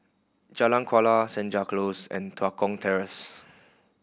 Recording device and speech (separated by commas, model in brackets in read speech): boundary microphone (BM630), read sentence